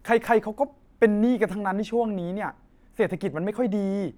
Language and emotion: Thai, frustrated